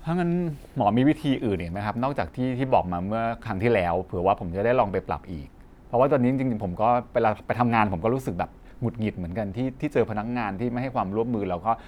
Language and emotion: Thai, frustrated